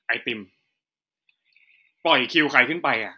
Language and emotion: Thai, frustrated